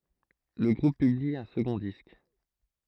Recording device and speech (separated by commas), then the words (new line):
throat microphone, read sentence
Le groupe publie un second disque.